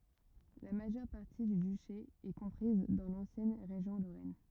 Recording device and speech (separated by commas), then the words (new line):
rigid in-ear microphone, read sentence
La majeure partie du duché est comprise dans l'ancienne région Lorraine.